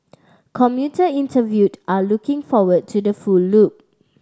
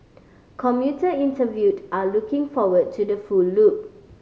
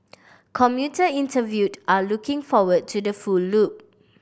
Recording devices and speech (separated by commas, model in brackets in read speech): standing microphone (AKG C214), mobile phone (Samsung C5010), boundary microphone (BM630), read sentence